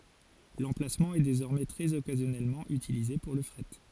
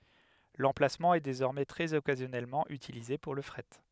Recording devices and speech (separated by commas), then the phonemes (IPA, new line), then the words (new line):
forehead accelerometer, headset microphone, read sentence
lɑ̃plasmɑ̃ ɛ dezɔʁmɛ tʁɛz ɔkazjɔnɛlmɑ̃ ytilize puʁ lə fʁɛt
L'emplacement est désormais très occasionnellement utilisé pour le fret.